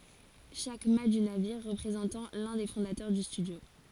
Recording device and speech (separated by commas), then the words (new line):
forehead accelerometer, read sentence
Chaque mat du navire représentant l'un des fondateurs du studio.